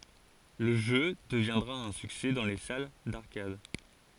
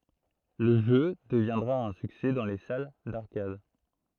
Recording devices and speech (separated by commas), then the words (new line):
forehead accelerometer, throat microphone, read sentence
Le jeu deviendra un succès dans les salles d'arcades.